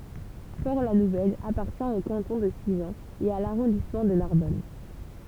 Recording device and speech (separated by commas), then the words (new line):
temple vibration pickup, read sentence
Port-la-Nouvelle appartient au canton de Sigean et à l'arrondissement de Narbonne.